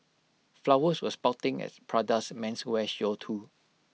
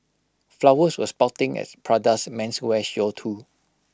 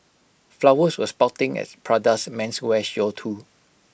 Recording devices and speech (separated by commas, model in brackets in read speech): mobile phone (iPhone 6), close-talking microphone (WH20), boundary microphone (BM630), read sentence